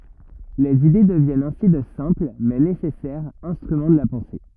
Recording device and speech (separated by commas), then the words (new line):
rigid in-ear microphone, read sentence
Les idées deviennent ainsi de simples, mais nécessaires, instruments de la pensée.